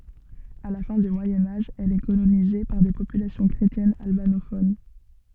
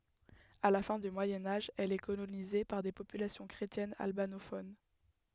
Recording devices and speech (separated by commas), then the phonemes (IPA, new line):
soft in-ear microphone, headset microphone, read sentence
a la fɛ̃ dy mwajɛ̃ aʒ ɛl ɛ kolonize paʁ de popylasjɔ̃ kʁetjɛnz albanofon